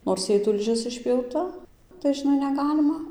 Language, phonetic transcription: Lithuanian, nors ˈjai tulˈžis išpjauˈta tai žiˈnai neˈgalima

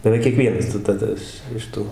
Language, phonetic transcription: Lithuanian, beˈveik kieˈkvienas tai taˈda iš iš ˈtų

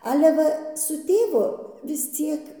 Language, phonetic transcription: Lithuanian, ˈale ˈva su ˈtėvu vis ˈciek

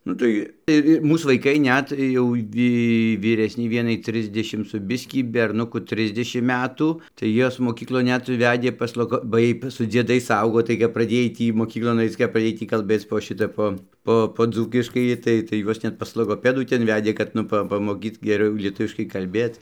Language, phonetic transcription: Lithuanian, nu ˈtai ir i ˈmūs vaiˈkai ˈnet jau ˈvy vyˈresnei ˈvienai ˈtrisdešim suˈ biskį berˈnuku ˈtrisdešim ˈmetų tai ˈjuos moˈkyklon ˈnet ˈvedė pas ˈlogo ba ˈjiej su dzieˈdais ˈaugo tai kap praˈdėj ˈtį moˈkyklon ˈaic kap praˈdėj ˈtį kalˈbėc po ˈšita ˈpo ˈpo po ˈdzūkiškai ˈtai tai ˈjuos ˈnet pas logoˈpedų ˈten ˈvedė kad ˈnu ˈpa pamoˈkyt geˈriau lieˈtuviškai kalˈbėt

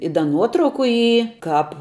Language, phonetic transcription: Lithuanian, i ˈda ˈnuotrauku ˈy ˈkāp

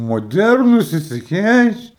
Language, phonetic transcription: Lithuanian, moˈdernus ˈsisi ˈkeič

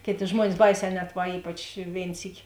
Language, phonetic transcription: Lithuanian, ˈkėˌtė ˈžmuonis ˈbaiˌsē ˈnet ˈva ˈypač ˈvėin ˈsyki

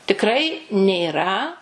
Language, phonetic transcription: Lithuanian, tikˈrai nėˈra

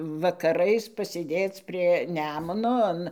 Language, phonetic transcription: Lithuanian, vakaˈrais pasėˈdėc prie ˈnemuno ˈan

